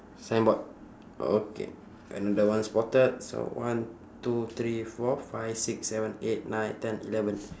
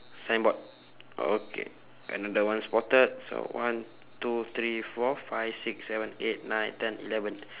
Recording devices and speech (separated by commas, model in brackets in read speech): standing microphone, telephone, conversation in separate rooms